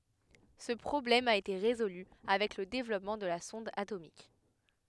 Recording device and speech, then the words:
headset microphone, read sentence
Ce problème a été résolue avec le développement de la sonde atomique.

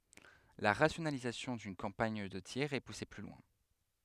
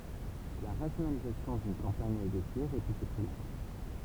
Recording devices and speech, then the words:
headset microphone, temple vibration pickup, read sentence
La rationalisation d'une campagne de tir est poussée plus loin.

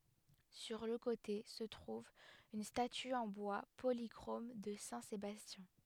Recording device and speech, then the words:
headset microphone, read sentence
Sur le côté se trouve une statue en bois polychrome de saint Sébastien.

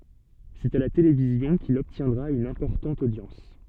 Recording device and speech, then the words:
soft in-ear microphone, read sentence
C'est à la télévision qu'il obtiendra une importante audience.

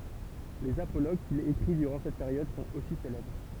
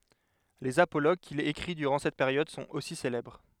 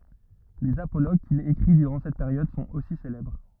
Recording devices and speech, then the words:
temple vibration pickup, headset microphone, rigid in-ear microphone, read sentence
Les apologues qu'il écrit durant cette période sont aussi célèbres.

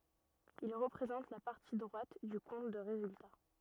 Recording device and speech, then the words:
rigid in-ear microphone, read sentence
Il représente la partie droite du compte de résultat.

